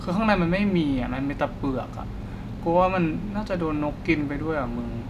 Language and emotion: Thai, frustrated